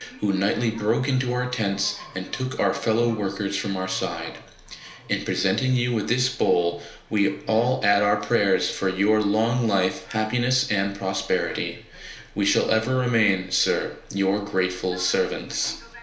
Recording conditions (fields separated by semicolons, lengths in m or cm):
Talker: one person; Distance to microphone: 1.0 m; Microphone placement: close; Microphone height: 1.1 m; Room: small (3.7 m by 2.7 m); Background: television